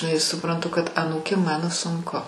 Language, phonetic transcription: Lithuanian, žiˈnai suˈprantu kad aˈnūkėm ˈmano sunˈku

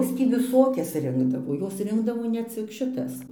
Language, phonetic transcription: Lithuanian, ˈjos tį viˈsokias ˈrinkdavo ˈjos ˈrinkdavo ne ˈcik šiˈtas

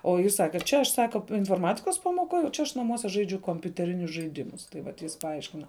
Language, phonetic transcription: Lithuanian, o ˈjis ˈsake ˈčia aš ˈsaka inforˈmatikos pamoˈkoj o ˈčia aš naˈmuose ˈžaidžiu kompiuteˈrinius žaiˈdimus ˈtai vat ˈjis paˈaiškina

